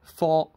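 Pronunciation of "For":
The word is 'four', the number, and it is said with a high tone, not the mid tone used for the preposition 'for'.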